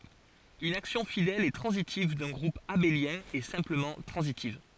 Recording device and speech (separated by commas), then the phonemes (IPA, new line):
forehead accelerometer, read sentence
yn aksjɔ̃ fidɛl e tʁɑ̃zitiv dœ̃ ɡʁup abeljɛ̃ ɛ sɛ̃pləmɑ̃ tʁɑ̃zitiv